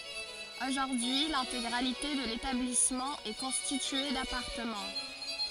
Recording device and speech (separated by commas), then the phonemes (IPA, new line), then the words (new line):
forehead accelerometer, read sentence
oʒuʁdyi lɛ̃teɡʁalite də letablismɑ̃ ɛ kɔ̃stitye dapaʁtəmɑ̃
Aujourd'hui l'intégralité de l'établissement est constitué d'appartements.